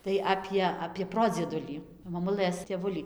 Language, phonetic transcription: Lithuanian, tai ˈapie apie ˈprodziedulį maˈmulɘs tėˈvulį

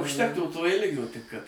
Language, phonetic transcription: Lithuanian, užˈtektų to ˈilgio tik kad

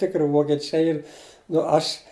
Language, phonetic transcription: Lithuanian, ˈtikri vokeˈčiai ˈyr nu ˈaš

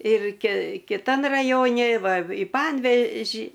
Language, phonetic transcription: Lithuanian, ir ki kiˈtan raˈjoni ˈva i ˈpanveži

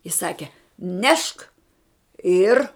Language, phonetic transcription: Lithuanian, i ˈsake ˈnešk ir

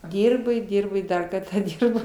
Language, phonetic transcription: Lithuanian, ˈdyrbo i ˈdyrbo i ˈdar kartą ˈdyrbo

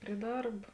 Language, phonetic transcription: Lithuanian, pri ˈdarb

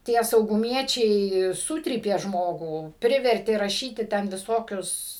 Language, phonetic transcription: Lithuanian, ˈtie sauguˈmiečiai ˈsutrypė ˈžmogų ˈprivertė raˈšyti ten viˈsokius

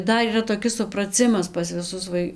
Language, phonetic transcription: Lithuanian, ˈdar yˈra toˈkis supraˈcimas pas viˈsus ˈvai

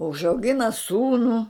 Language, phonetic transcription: Lithuanian, užauˈgina ˈsūnų

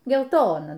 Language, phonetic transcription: Lithuanian, gelˈtona

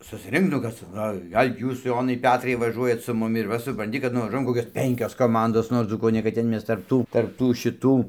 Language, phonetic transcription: Lithuanian, susˈrink nu ˈkas ca o ˈgal' ˈjūs ˈjonai ˈpetrai vaˈžuojat su ˈmumi ir ˈva supranˈti kad nuvaˈžuojam ˈkokios ˈpenkios koˈmandos ˈnor nuo ˈdzūkų o ne kad ˈten ˈmes tarp ˈtų tarp ˈtų šiˈtų

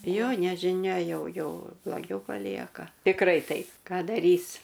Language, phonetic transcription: Lithuanian, ˈjo nežiˈnia ˈjau ˈjo bloˈgiau paˈlieka tikˈrai ˈtaip ˈką daˈrys

